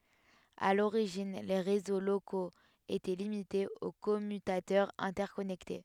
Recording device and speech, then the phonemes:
headset microphone, read sentence
a loʁiʒin le ʁezo lokoz etɛ limitez o kɔmytatœʁz ɛ̃tɛʁkɔnɛkte

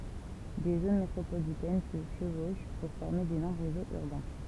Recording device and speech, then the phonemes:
temple vibration pickup, read sentence
de zon metʁopolitɛn sə ʃəvoʃ puʁ fɔʁme denɔʁm ʁezoz yʁbɛ̃

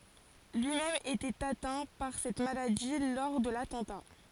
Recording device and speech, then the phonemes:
forehead accelerometer, read sentence
lyi mɛm etɛt atɛ̃ paʁ sɛt maladi lɔʁ də latɑ̃ta

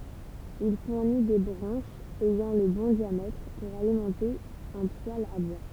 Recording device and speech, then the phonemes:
temple vibration pickup, read sentence
il fuʁni de bʁɑ̃ʃz ɛjɑ̃ lə bɔ̃ djamɛtʁ puʁ alimɑ̃te œ̃ pwal a bwa

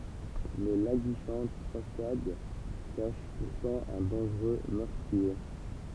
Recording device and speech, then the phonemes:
temple vibration pickup, read sentence
mɛ laɡiʃɑ̃t fasad kaʃ puʁtɑ̃ œ̃ dɑ̃ʒʁø mœʁtʁie

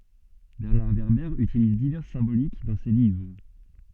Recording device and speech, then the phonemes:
soft in-ear microphone, read sentence
bɛʁnaʁ vɛʁbɛʁ ytiliz divɛʁs sɛ̃bolik dɑ̃ se livʁ

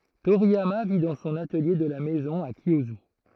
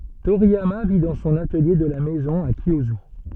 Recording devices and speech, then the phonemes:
throat microphone, soft in-ear microphone, read sentence
toʁijama vi dɑ̃ sɔ̃n atəlje də la mɛzɔ̃ a kjjozy

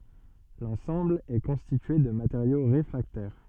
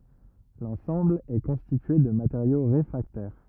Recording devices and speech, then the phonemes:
soft in-ear microphone, rigid in-ear microphone, read sentence
lɑ̃sɑ̃bl ɛ kɔ̃stitye də mateʁjo ʁefʁaktɛʁ

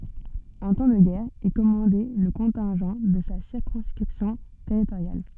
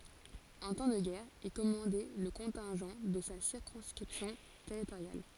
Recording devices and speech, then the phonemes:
soft in-ear microphone, forehead accelerometer, read sentence
ɑ̃ tɑ̃ də ɡɛʁ il kɔmɑ̃dɛ lə kɔ̃tɛ̃ʒɑ̃ də sa siʁkɔ̃skʁipsjɔ̃ tɛʁitoʁjal

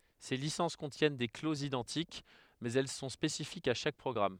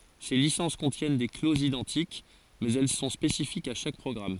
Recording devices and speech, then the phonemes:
headset microphone, forehead accelerometer, read sentence
se lisɑ̃s kɔ̃tjɛn de klozz idɑ̃tik mɛz ɛl sɔ̃ spesifikz a ʃak pʁɔɡʁam

